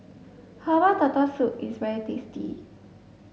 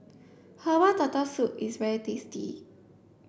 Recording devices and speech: mobile phone (Samsung S8), boundary microphone (BM630), read sentence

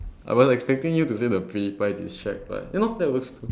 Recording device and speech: standing microphone, conversation in separate rooms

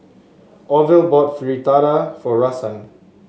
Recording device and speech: mobile phone (Samsung S8), read sentence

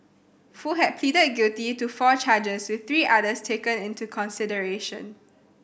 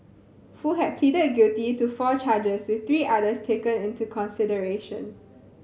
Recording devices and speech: boundary microphone (BM630), mobile phone (Samsung C7100), read sentence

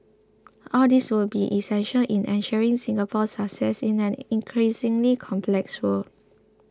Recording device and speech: close-talking microphone (WH20), read sentence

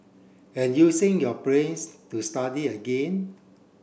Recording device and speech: boundary microphone (BM630), read sentence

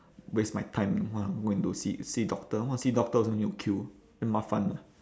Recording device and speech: standing microphone, conversation in separate rooms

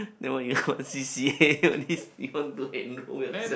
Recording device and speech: boundary microphone, conversation in the same room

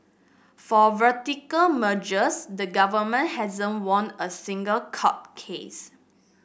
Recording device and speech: boundary microphone (BM630), read sentence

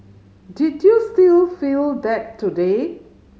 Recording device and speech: mobile phone (Samsung C5010), read sentence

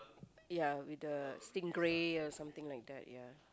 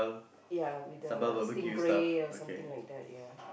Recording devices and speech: close-talking microphone, boundary microphone, conversation in the same room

